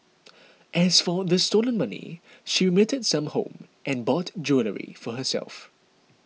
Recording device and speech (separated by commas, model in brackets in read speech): mobile phone (iPhone 6), read sentence